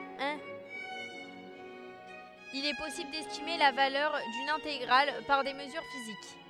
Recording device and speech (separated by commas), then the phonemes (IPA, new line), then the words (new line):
headset microphone, read sentence
il ɛ pɔsibl dɛstime la valœʁ dyn ɛ̃teɡʁal paʁ de məzyʁ fizik
Il est possible d'estimer la valeur d'une intégrale par des mesures physiques.